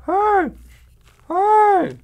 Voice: high pitched